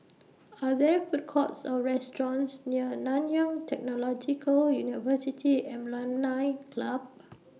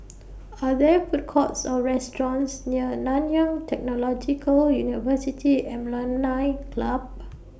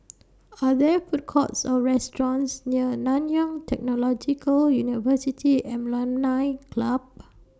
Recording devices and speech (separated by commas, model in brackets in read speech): mobile phone (iPhone 6), boundary microphone (BM630), standing microphone (AKG C214), read sentence